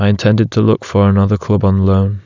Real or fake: real